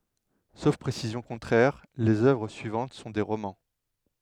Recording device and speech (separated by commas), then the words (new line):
headset microphone, read sentence
Sauf précision contraire, les œuvres suivantes sont des romans.